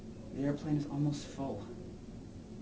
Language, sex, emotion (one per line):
English
male
neutral